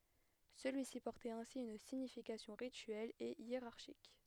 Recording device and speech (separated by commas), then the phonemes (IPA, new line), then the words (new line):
headset microphone, read sentence
səlyi si pɔʁtɛt ɛ̃si yn siɲifikasjɔ̃ ʁityɛl e jeʁaʁʃik
Celui-ci portait ainsi une signification rituelle et hiérarchique.